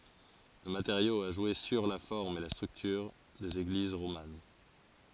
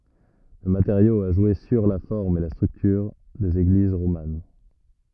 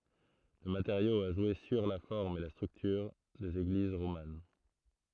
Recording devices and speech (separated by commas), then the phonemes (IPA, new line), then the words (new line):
forehead accelerometer, rigid in-ear microphone, throat microphone, read sentence
lə mateʁjo a ʒwe syʁ la fɔʁm e la stʁyktyʁ dez eɡliz ʁoman
Le matériau a joué sur la forme et la structure des églises romanes.